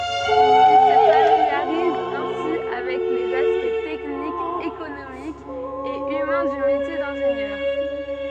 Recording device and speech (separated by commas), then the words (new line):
soft in-ear microphone, read sentence
Il se familiarise ainsi avec les aspects techniques, économiques et humains du métier d'ingénieur.